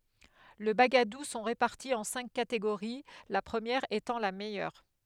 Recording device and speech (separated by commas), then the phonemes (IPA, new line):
headset microphone, read sentence
le baɡadu sɔ̃ ʁepaʁti ɑ̃ sɛ̃k kateɡoʁi la pʁəmjɛʁ etɑ̃ la mɛjœʁ